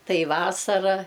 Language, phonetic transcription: Lithuanian, ˈtai ˈvasara

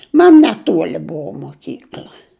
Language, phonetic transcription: Lithuanian, ˈman neˈtuoli ˈbuo moˈkykl'a

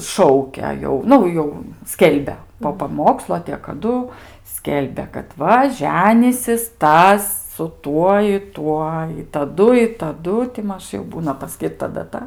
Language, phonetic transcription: Lithuanian, ˈšaukia jau ˈnu jau ˈskelbia po paˈmokslo a tė kaˈdu ˈskelbia kad ˈva ˈženysis ˈtas su ˈtuo i ˈtuo i taˈdu i taˈdu ti ˈmaž jau ˈbūna paˈskyrta daˈta

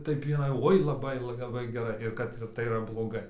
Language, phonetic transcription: Lithuanian, ˈtaip iˈnai ˈoi laˈbai laˈbai geˈrai ir ˈkad tai yˈra bloˈgai

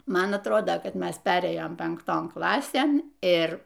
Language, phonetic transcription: Lithuanian, ˈman atˈrodo kad ˈmes ˈperėjom penkˈton ˈklasėn ˈir

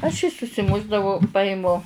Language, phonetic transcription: Lithuanian, aš jį susiˈmušdavau ˈpajimu

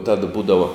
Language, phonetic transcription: Lithuanian, tad ˈbūdavo

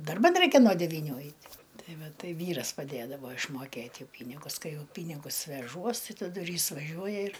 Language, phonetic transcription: Lithuanian, darˈban ˈraikia no devyiˈnių ˈait' ˈtai ˈva ˈtai ˈvyras paˈdėdavo išmoˈkėt' ˈjau ˈpynigus ˈkai ˈjau ˈpynigus veˈžuos ˈtai taˈdu ir ˈjis vaˈžiuoja ir

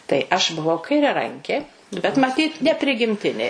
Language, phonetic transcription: Lithuanian, tai ˈaš buˈvau kairiaˈrankė bet maˈtyt neprigimˈtinė

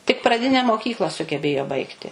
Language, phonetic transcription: Lithuanian, tik praˈdine moˈkykla sugeˈbėjo ˈbaigti

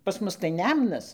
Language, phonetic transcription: Lithuanian, pas ˈmus tai ˈnemnas

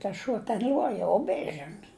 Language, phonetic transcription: Lithuanian, tas ˈšuo ten ˈl'uoja u ˈbės ˈžin

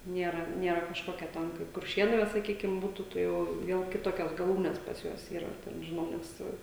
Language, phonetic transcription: Lithuanian, ˈniera ˈniera kažˈkokia ˈtan kaip kurˈšėnu va saˈkykim ˈbūtu ˈta jau ˈviel kiˈtokias gaˈlūnes pas ˈjuos ˈyra ten žiˈnau nes ˈsu

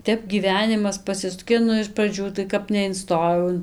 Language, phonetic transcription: Lithuanian, ˈtep gyˈvenimas paˈsisukė ˈnu iš praˈdžių tai ˈkap neinˈstojau in

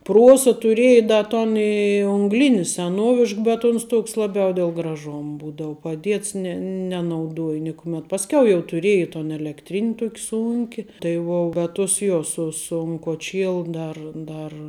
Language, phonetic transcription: Lithuanian, ˈpruosa tuˈrieje ˈda ton i ungˈlini seˈnuovišk bet uns ˈtuks ˈlabiau del graˈžom ˈbūdau paˈdiets ne nenauˈduoj ˈnikumet pasˈkiau jau tuˈriej ton elekˈtrin' ˈtuok' ˈsunki tai ˈvuo bet tus ˈjo ˈsu sun koˈčielu ˈdar ˈdar

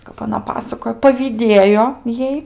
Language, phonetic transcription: Lithuanian, kap aˈna ˈpasakojo pavyˈdėjo ˈjai

